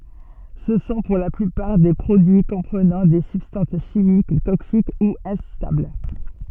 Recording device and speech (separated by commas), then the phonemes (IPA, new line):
soft in-ear microphone, read sentence
sə sɔ̃ puʁ la plypaʁ de pʁodyi kɔ̃pʁənɑ̃ de sybstɑ̃s ʃimik toksik u ɛ̃stabl